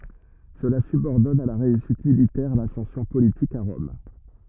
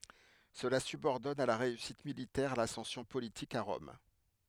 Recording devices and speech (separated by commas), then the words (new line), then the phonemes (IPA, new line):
rigid in-ear microphone, headset microphone, read sentence
Cela subordonne à la réussite militaire l'ascension politique à Rome.
səla sybɔʁdɔn a la ʁeysit militɛʁ lasɑ̃sjɔ̃ politik a ʁɔm